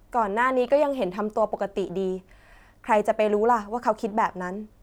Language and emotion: Thai, neutral